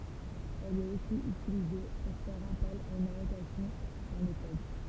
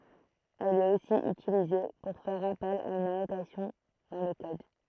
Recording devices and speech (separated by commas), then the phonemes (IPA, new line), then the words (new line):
temple vibration pickup, throat microphone, read sentence
ɛl ɛt osi ytilize puʁ fɛʁ apɛl a yn anotasjɔ̃ dɑ̃ lə kɔd
Elle est aussi utilisée pour faire appel à une annotation dans le code.